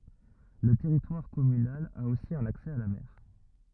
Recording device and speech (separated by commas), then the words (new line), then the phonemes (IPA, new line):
rigid in-ear microphone, read sentence
Le territoire communal a aussi un accès à la mer.
lə tɛʁitwaʁ kɔmynal a osi œ̃n aksɛ a la mɛʁ